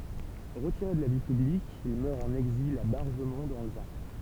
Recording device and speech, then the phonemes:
temple vibration pickup, read sentence
ʁətiʁe də la vi pyblik il mœʁ ɑ̃n ɛɡzil a baʁʒəmɔ̃ dɑ̃ lə vaʁ

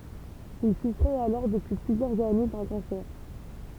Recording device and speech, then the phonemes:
temple vibration pickup, read sentence
il sufʁɛt alɔʁ dəpyi plyzjœʁz ane dœ̃ kɑ̃sɛʁ

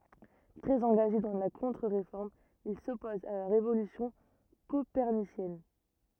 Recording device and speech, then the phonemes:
rigid in-ear microphone, read sentence
tʁɛz ɑ̃ɡaʒe dɑ̃ la kɔ̃tʁəʁefɔʁm il sɔpozt a la ʁevolysjɔ̃ kopɛʁnisjɛn

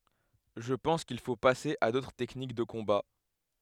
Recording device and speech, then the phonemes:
headset microphone, read sentence
ʒə pɑ̃s kil fo pase a dotʁ tɛknik də kɔ̃ba

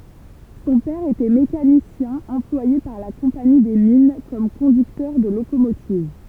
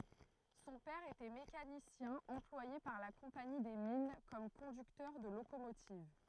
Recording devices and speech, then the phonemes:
temple vibration pickup, throat microphone, read sentence
sɔ̃ pɛʁ etɛ mekanisjɛ̃ ɑ̃plwaje paʁ la kɔ̃pani de min kɔm kɔ̃dyktœʁ də lokomotiv

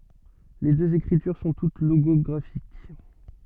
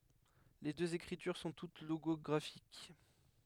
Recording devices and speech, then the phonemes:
soft in-ear microphone, headset microphone, read sentence
le døz ekʁityʁ sɔ̃ tut loɡɔɡʁafik

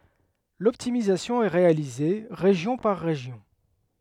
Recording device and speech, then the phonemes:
headset microphone, read sentence
lɔptimizasjɔ̃ ɛ ʁealize ʁeʒjɔ̃ paʁ ʁeʒjɔ̃

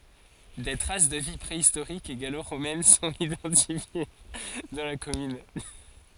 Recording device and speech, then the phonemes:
forehead accelerometer, read sentence
de tʁas də vi pʁeistoʁik e ɡaloʁomɛn sɔ̃t idɑ̃tifje dɑ̃ la kɔmyn

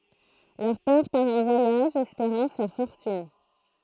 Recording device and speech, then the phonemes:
throat microphone, read sentence
lœʁ pɛʁ paʁ ɑ̃ vwajaʒ ɛspeʁɑ̃ fɛʁ fɔʁtyn

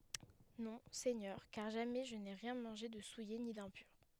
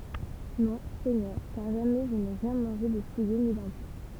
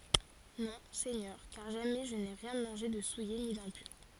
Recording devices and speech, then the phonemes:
headset microphone, temple vibration pickup, forehead accelerometer, read sentence
nɔ̃ sɛɲœʁ kaʁ ʒamɛ ʒə ne ʁjɛ̃ mɑ̃ʒe də suje ni dɛ̃pyʁ

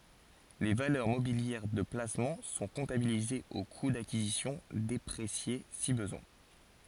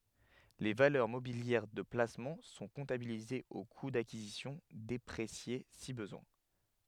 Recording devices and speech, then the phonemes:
forehead accelerometer, headset microphone, read sentence
le valœʁ mobiljɛʁ də plasmɑ̃ sɔ̃ kɔ̃tabilizez o ku dakizisjɔ̃ depʁesje si bəzwɛ̃

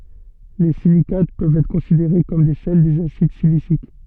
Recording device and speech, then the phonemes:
soft in-ear microphone, read sentence
le silikat pøvt ɛtʁ kɔ̃sideʁe kɔm de sɛl dez asid silisik

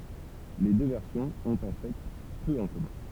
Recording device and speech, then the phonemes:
temple vibration pickup, read sentence
le dø vɛʁsjɔ̃z ɔ̃t ɑ̃ fɛ pø ɑ̃ kɔmœ̃

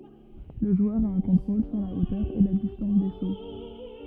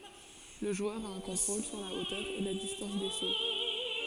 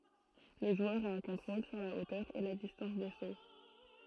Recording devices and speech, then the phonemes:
rigid in-ear microphone, forehead accelerometer, throat microphone, read sentence
lə ʒwœʁ a œ̃ kɔ̃tʁol syʁ la otœʁ e la distɑ̃s de so

